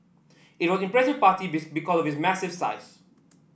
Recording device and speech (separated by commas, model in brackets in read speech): boundary microphone (BM630), read sentence